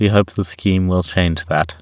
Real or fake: real